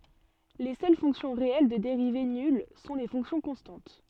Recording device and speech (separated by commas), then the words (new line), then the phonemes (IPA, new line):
soft in-ear microphone, read sentence
Les seules fonctions réelles de dérivée nulle sont les fonctions constantes.
le sœl fɔ̃ksjɔ̃ ʁeɛl də deʁive nyl sɔ̃ le fɔ̃ksjɔ̃ kɔ̃stɑ̃t